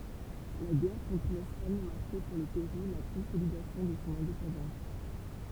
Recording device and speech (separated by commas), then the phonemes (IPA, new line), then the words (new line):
temple vibration pickup, read sentence
la ɡɛʁ kɔ̃tʁ lɛspaɲ maʁkɛ puʁ lə peʁu la kɔ̃solidasjɔ̃ də sɔ̃ ɛ̃depɑ̃dɑ̃s
La guerre contre l’Espagne marquait pour le Pérou la consolidation de son indépendance.